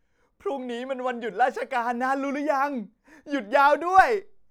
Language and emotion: Thai, happy